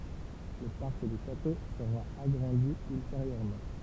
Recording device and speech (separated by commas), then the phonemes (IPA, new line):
temple vibration pickup, read sentence
lə paʁk dy ʃato səʁa aɡʁɑ̃di ylteʁjøʁmɑ̃